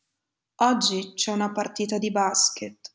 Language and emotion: Italian, sad